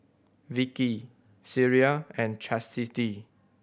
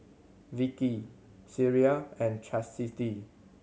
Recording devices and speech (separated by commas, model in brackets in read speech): boundary microphone (BM630), mobile phone (Samsung C7100), read sentence